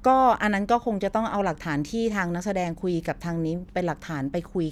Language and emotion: Thai, neutral